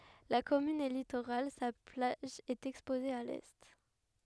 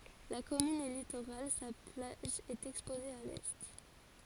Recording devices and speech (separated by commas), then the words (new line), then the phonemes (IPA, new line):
headset microphone, forehead accelerometer, read sentence
La commune est littorale, sa plage est exposée à l'est.
la kɔmyn ɛ litoʁal sa plaʒ ɛt ɛkspoze a lɛ